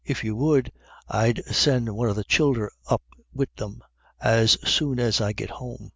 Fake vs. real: real